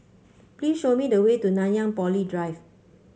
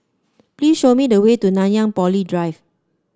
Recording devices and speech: mobile phone (Samsung C5), standing microphone (AKG C214), read sentence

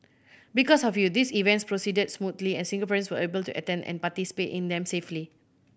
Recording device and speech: boundary microphone (BM630), read sentence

